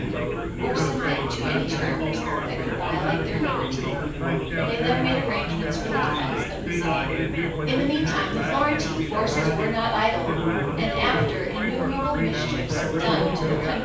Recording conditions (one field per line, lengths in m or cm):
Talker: one person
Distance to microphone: 9.8 m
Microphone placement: far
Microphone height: 1.8 m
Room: large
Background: babble